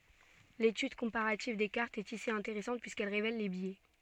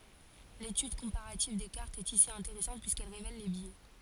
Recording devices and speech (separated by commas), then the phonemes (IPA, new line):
soft in-ear microphone, forehead accelerometer, read sentence
letyd kɔ̃paʁativ de kaʁtz ɛt isi ɛ̃teʁɛsɑ̃t pyiskɛl ʁevɛl le bjɛ